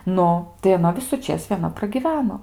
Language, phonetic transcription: Lithuanian, ˈnu tai aˈna visuˈčės vieˈna pragiˈveno

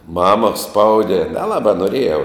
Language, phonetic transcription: Lithuanian, ˈmama ˈspaude neˈlabā noˈrėjau

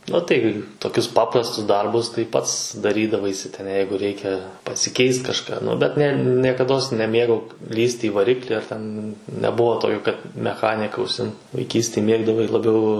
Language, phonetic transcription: Lithuanian, u tai toˈkius ˈpaprastus ˈdarbus tai ˈpats daˈrydavaisi ten ˈjeigu ˈreikia pasiˈkeist kažˈką ˈnu bet ne niekaˈdos neˈmėgau ˈlįsti i vaˈrikli ar ˈten neˈbuvo ˈtokio ˈkad meˈchanika užˈsimt vaiˈkystėj ˈmėgdavai labˈiau

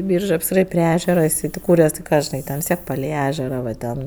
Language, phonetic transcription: Lithuanian, ˈbyržɜ ˈjis ˈyra pri ˈežera iˈsai tėˈkūres ti ˈką žiˈnai ˈten vis ˈtiek palei ˈežera va ˈten

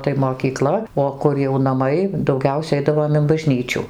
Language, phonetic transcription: Lithuanian, tai mokyˈkla o ˈkur jau naˈmai dauˈgiausia ˈeidavom in baˈžnyčiu

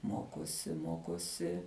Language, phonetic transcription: Lithuanian, ˈmokosi ˈmokosi

